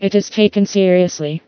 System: TTS, vocoder